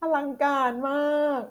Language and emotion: Thai, happy